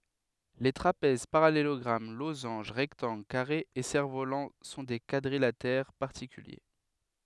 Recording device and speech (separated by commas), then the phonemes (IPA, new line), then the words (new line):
headset microphone, read sentence
le tʁapɛz paʁalelɔɡʁam lozɑ̃ʒ ʁɛktɑ̃ɡl kaʁez e sɛʁ volɑ̃ sɔ̃ de kwadʁilatɛʁ paʁtikylje
Les trapèzes, parallélogrammes, losanges, rectangles, carrés et cerfs-volants sont des quadrilatères particuliers.